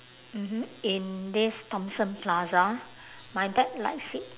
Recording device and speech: telephone, conversation in separate rooms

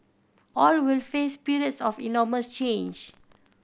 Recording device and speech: boundary microphone (BM630), read sentence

